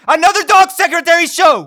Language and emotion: English, happy